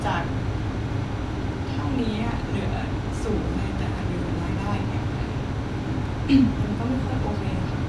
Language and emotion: Thai, sad